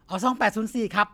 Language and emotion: Thai, neutral